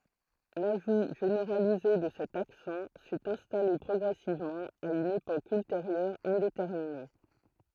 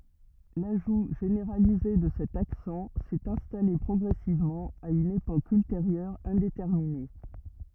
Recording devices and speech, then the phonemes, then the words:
throat microphone, rigid in-ear microphone, read sentence
laʒu ʒeneʁalize də sɛt aksɑ̃ sɛt ɛ̃stale pʁɔɡʁɛsivmɑ̃ a yn epok ylteʁjœʁ ɛ̃detɛʁmine
L'ajout généralisé de cet accent s'est installé progressivement, à une époque ultérieure indéterminée.

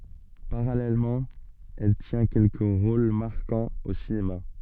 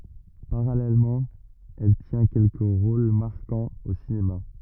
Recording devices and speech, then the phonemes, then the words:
soft in-ear microphone, rigid in-ear microphone, read sentence
paʁalɛlmɑ̃ ɛl tjɛ̃ kɛlkə ʁol maʁkɑ̃z o sinema
Parallèlement, elle tient quelques rôles marquants au cinéma.

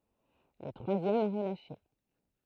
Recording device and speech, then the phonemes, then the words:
throat microphone, read sentence
lə tʁwazjɛm ɛ ʁəlaʃe
Le troisième est relâché.

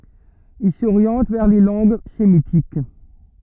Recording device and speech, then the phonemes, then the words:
rigid in-ear microphone, read sentence
il soʁjɑ̃t vɛʁ le lɑ̃ɡ semitik
Il s'oriente vers les langues sémitiques.

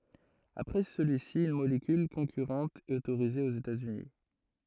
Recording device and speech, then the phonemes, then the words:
throat microphone, read sentence
apʁɛ səlyi si yn molekyl kɔ̃kyʁɑ̃t ɛt otoʁize oz etaz yni
Après celui-ci, une molécule concurrente est autorisée aux États-Unis.

